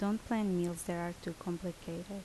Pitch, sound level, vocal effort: 175 Hz, 75 dB SPL, normal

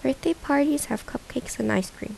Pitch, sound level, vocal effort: 285 Hz, 76 dB SPL, soft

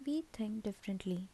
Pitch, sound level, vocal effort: 210 Hz, 74 dB SPL, soft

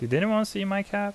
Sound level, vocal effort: 84 dB SPL, normal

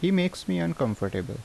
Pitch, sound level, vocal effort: 105 Hz, 79 dB SPL, normal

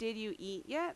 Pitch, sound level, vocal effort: 225 Hz, 86 dB SPL, loud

